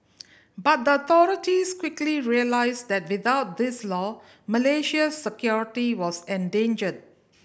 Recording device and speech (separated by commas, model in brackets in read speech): boundary microphone (BM630), read sentence